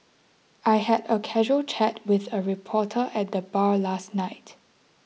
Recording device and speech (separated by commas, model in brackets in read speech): mobile phone (iPhone 6), read sentence